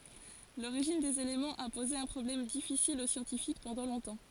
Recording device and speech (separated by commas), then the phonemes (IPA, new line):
forehead accelerometer, read sentence
loʁiʒin dez elemɑ̃z a poze œ̃ pʁɔblɛm difisil o sjɑ̃tifik pɑ̃dɑ̃ lɔ̃tɑ̃